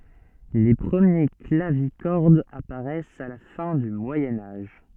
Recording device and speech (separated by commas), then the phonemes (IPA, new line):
soft in-ear microphone, read sentence
le pʁəmje klavikɔʁdz apaʁɛst a la fɛ̃ dy mwajɛ̃ aʒ